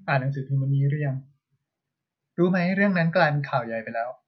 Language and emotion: Thai, neutral